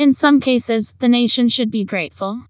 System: TTS, vocoder